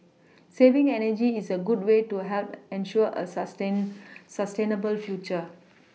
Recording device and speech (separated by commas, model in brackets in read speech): mobile phone (iPhone 6), read sentence